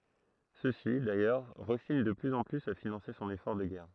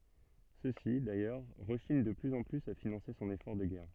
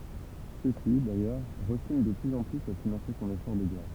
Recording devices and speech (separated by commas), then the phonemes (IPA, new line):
throat microphone, soft in-ear microphone, temple vibration pickup, read sentence
søksi dajœʁ ʁəʃiɲ də plyz ɑ̃ plyz a finɑ̃se sɔ̃n efɔʁ də ɡɛʁ